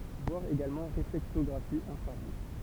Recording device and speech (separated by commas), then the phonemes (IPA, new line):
temple vibration pickup, read sentence
vwaʁ eɡalmɑ̃ ʁeflɛktɔɡʁafi ɛ̃fʁaʁuʒ